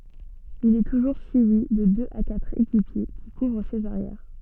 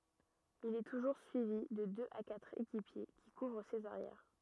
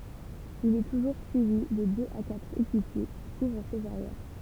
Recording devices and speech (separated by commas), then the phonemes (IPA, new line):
soft in-ear microphone, rigid in-ear microphone, temple vibration pickup, read sentence
il ɛ tuʒuʁ syivi də døz a katʁ ekipje ki kuvʁ sez aʁjɛʁ